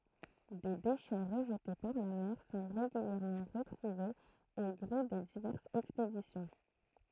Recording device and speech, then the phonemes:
throat microphone, read sentence
de deʃɛ ʁəʒte paʁ la mɛʁ sɔ̃ ʁeɡyljɛʁmɑ̃ ʁətʁuvez o ɡʁe de divɛʁsz ɛkspedisjɔ̃

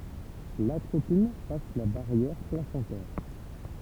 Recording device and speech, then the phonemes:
temple vibration pickup, read sentence
latʁopin pas la baʁjɛʁ plasɑ̃tɛʁ

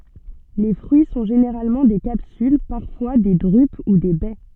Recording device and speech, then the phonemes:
soft in-ear microphone, read sentence
le fʁyi sɔ̃ ʒeneʁalmɑ̃ de kapsyl paʁfwa de dʁyp u de bɛ

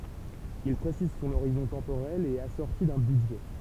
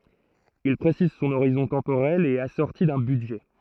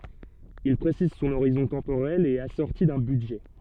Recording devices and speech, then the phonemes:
temple vibration pickup, throat microphone, soft in-ear microphone, read sentence
il pʁesiz sɔ̃n oʁizɔ̃ tɑ̃poʁɛl e ɛt asɔʁti dœ̃ bydʒɛ

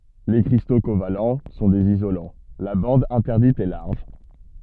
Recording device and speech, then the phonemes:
soft in-ear microphone, read sentence
le kʁisto koval sɔ̃ dez izolɑ̃ la bɑ̃d ɛ̃tɛʁdit ɛ laʁʒ

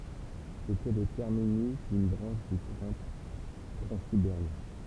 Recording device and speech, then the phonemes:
temple vibration pickup, read sentence
setɛ lə tɛʁminys dyn bʁɑ̃ʃ dy tʁɛ̃ tʁɑ̃sibeʁjɛ̃

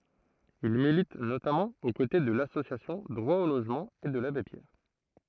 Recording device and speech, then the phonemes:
throat microphone, read sentence
il milit notamɑ̃ o kote də lasosjasjɔ̃ dʁwa o loʒmɑ̃ e də labe pjɛʁ

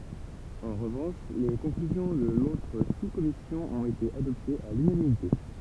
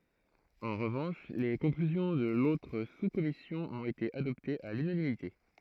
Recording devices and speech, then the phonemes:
temple vibration pickup, throat microphone, read sentence
ɑ̃ ʁəvɑ̃ʃ le kɔ̃klyzjɔ̃ də lotʁ suskɔmisjɔ̃ ɔ̃t ete adɔptez a lynanimite

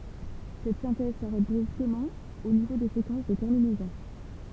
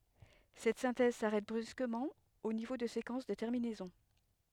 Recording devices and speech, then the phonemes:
temple vibration pickup, headset microphone, read sentence
sɛt sɛ̃tɛz saʁɛt bʁyskəmɑ̃ o nivo də sekɑ̃s də tɛʁminɛzɔ̃

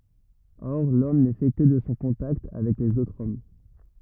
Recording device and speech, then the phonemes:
rigid in-ear microphone, read sentence
ɔʁ lɔm nɛ fɛ kə də sɔ̃ kɔ̃takt avɛk lez otʁz ɔm

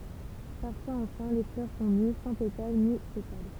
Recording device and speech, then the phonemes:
temple vibration pickup, read sentence
paʁfwaz ɑ̃fɛ̃ le flœʁ sɔ̃ ny sɑ̃ petal ni sepal

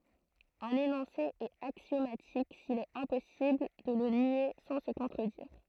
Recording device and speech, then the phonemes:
throat microphone, read sentence
œ̃n enɔ̃se ɛt aksjomatik sil ɛt ɛ̃pɔsibl də lə nje sɑ̃ sə kɔ̃tʁədiʁ

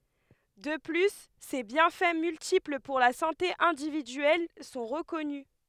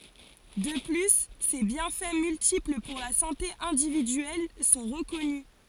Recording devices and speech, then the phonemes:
headset microphone, forehead accelerometer, read sentence
də ply se bjɛ̃fɛ myltipl puʁ la sɑ̃te ɛ̃dividyɛl sɔ̃ ʁəkɔny

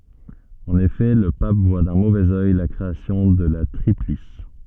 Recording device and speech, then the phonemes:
soft in-ear microphone, read sentence
ɑ̃n efɛ lə pap vwa dœ̃ movɛz œj la kʁeasjɔ̃ də la tʁiplis

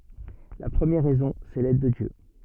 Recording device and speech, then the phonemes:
soft in-ear microphone, read sentence
la pʁəmjɛʁ ʁɛzɔ̃ sɛ lɛd də djø

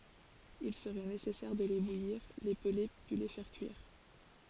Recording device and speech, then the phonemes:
forehead accelerometer, read sentence
il səʁɛ nesɛsɛʁ də le bujiʁ le pəle pyi le fɛʁ kyiʁ

